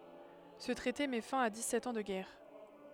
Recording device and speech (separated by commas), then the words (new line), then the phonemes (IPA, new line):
headset microphone, read sentence
Ce traité met fin à dix-sept ans de guerre.
sə tʁɛte mɛ fɛ̃ a dikssɛt ɑ̃ də ɡɛʁ